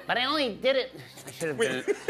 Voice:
High-pitched